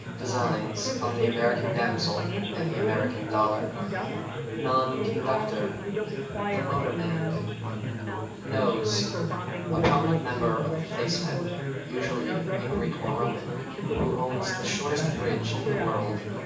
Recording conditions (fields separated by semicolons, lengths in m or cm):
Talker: one person; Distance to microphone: 9.8 m; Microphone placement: far; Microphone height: 1.8 m; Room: large; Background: babble